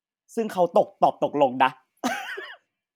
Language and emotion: Thai, happy